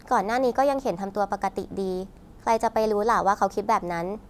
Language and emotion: Thai, neutral